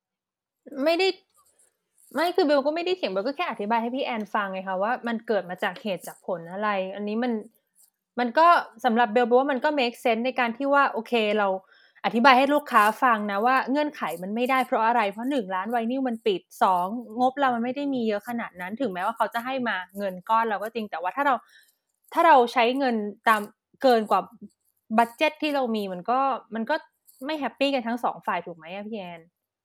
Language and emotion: Thai, frustrated